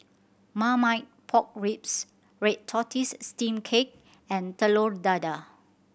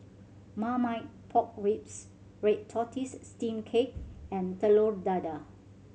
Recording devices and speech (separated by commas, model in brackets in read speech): boundary microphone (BM630), mobile phone (Samsung C7100), read sentence